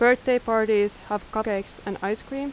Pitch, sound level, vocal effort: 220 Hz, 87 dB SPL, loud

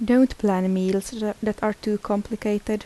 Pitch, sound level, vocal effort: 210 Hz, 77 dB SPL, soft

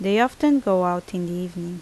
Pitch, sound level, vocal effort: 180 Hz, 81 dB SPL, normal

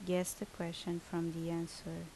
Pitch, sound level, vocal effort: 170 Hz, 74 dB SPL, normal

